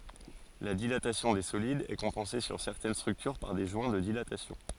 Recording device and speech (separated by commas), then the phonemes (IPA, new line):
forehead accelerometer, read sentence
la dilatasjɔ̃ de solidz ɛ kɔ̃pɑ̃se syʁ sɛʁtɛn stʁyktyʁ paʁ de ʒwɛ̃ də dilatasjɔ̃